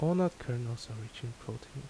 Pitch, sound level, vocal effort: 120 Hz, 74 dB SPL, soft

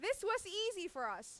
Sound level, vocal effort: 98 dB SPL, very loud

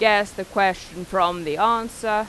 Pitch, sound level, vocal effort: 200 Hz, 93 dB SPL, very loud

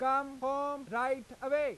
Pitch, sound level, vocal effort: 270 Hz, 100 dB SPL, very loud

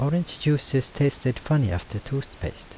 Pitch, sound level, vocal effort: 135 Hz, 77 dB SPL, soft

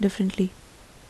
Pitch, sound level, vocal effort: 165 Hz, 72 dB SPL, soft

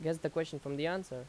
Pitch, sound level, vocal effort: 160 Hz, 86 dB SPL, loud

